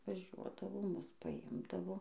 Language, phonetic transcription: Lithuanian, vaˈžiuodavo ˈmus paˈimdavo

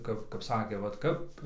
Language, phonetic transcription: Lithuanian, ˈkap kap ˈsakė vat ˈkap

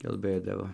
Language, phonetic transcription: Lithuanian, kalˈbɘdavo

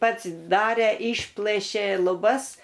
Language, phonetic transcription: Lithuanian, ˈpats ˈdarė ˈišplɘšė luˈbas

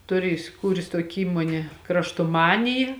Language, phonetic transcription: Lithuanian, ˈtuˌri isiˈkūrės ˈtuoki ˈįmuonė kraštoˈmaniji

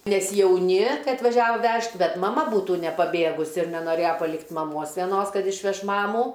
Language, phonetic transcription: Lithuanian, nes jauˈni ˈkai atvaˈžiavo ˈvežt ˈbet maˈma ˈbūtų nepaˈbėgusi ir nenoˈrėja paˈlikt' maˈmos veˈnos ˈkad išˈveš ˈmamų

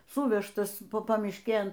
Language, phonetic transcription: Lithuanian, ˈsuvežtas ˈpa pamišˈkėn

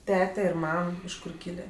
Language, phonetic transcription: Lithuanian, ˈtete ir ˈmam iš ˈkur ˈkylė

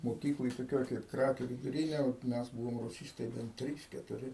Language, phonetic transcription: Lithuanian, moˈkykloj toˈkioj kaip ˈkrakių viduˈrynė ot ˈmes ˈbūvom ruˈsystai ben ˈtrys ketuˈri

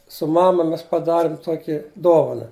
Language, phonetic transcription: Lithuanian, su ˈmama ˈmes paˈdarim ˈtuoki ˈdovana

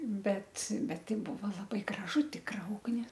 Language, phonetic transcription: Lithuanian, ˈbet ˈbet ˈtai ˈbuvo laˈbai graˈžu ˈtikra ˈugni

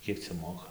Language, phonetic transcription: Lithuanian, ˈkiek cia ˈmoka

